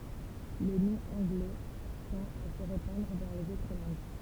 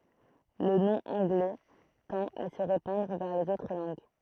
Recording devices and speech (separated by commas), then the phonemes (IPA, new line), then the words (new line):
temple vibration pickup, throat microphone, read sentence
lə nɔ̃ ɑ̃ɡlɛ tɑ̃t a sə ʁepɑ̃dʁ vɛʁ lez otʁ lɑ̃ɡ
Le nom anglais tend à se répandre vers les autres langues.